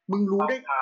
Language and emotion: Thai, neutral